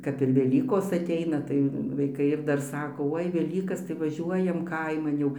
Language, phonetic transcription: Lithuanian, kap ir veˈlykos aˈteina tai vaiˈkai ir ˈdar ˈsako ˈoi veˈlykas tai vaˈžiuojam ˈkaiman jau

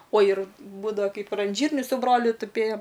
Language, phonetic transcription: Lithuanian, o ir ˈbūdava ˈkaip ir an ˈžyrniu su ˈbroliu tuˈpėjom

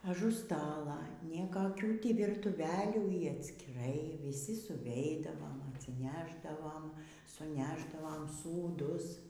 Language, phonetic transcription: Lithuanian, aˈžu ˈstala niekaˈkių ˈtį vyrtuˈvelių y atskiˈrai viˈsi suˈveidavom atsiˈnešdavom suˈnešdavom sūˈdus

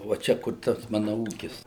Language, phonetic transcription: Lithuanian, va ˈčia kur ˈtas ˈmana ˈūkis

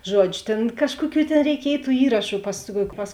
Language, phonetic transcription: Lithuanian, ˈžuodžiu ˈtėn ˈkažkuoˌkių tėn reiˈkiej tų ˈįrašu pas pas

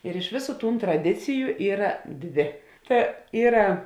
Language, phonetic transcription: Lithuanian, ir iš ˈvėˌsų tūn traˈdiciju ˈyra ˈdvė ˈta ˈyra

